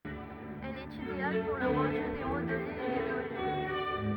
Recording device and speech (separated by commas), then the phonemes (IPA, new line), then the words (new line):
rigid in-ear microphone, read sentence
ɛl ɛt ideal puʁ lə ʁɑ̃dy de modlez e de volym
Elle est idéale pour le rendu des modelés et des volumes.